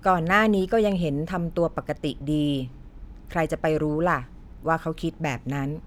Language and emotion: Thai, neutral